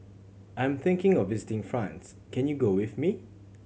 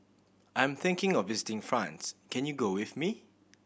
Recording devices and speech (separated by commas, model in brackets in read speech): mobile phone (Samsung C7100), boundary microphone (BM630), read sentence